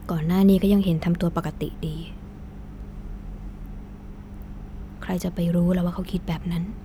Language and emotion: Thai, sad